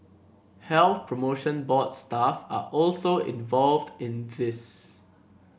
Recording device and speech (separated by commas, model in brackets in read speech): boundary microphone (BM630), read sentence